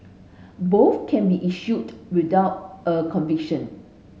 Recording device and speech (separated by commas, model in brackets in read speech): mobile phone (Samsung S8), read sentence